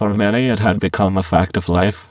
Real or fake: fake